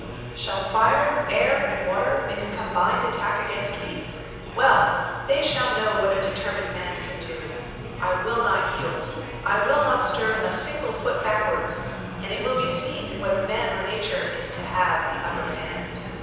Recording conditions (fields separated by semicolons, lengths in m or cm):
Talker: one person; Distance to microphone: 7.1 m; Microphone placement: far; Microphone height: 1.7 m; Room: very reverberant, large; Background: babble